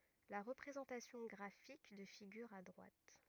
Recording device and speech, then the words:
rigid in-ear microphone, read sentence
La représentation graphique de figure à droite.

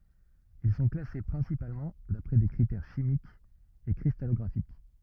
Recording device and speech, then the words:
rigid in-ear microphone, read sentence
Ils sont classés principalement d'après des critères chimiques et cristallographiques.

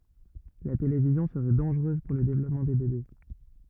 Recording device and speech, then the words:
rigid in-ear microphone, read sentence
La télévision serait dangereuse pour le développement des bébés.

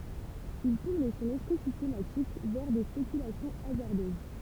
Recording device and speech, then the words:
temple vibration pickup, read sentence
Il tourne son esprit systématique vers des spéculations hasardeuses.

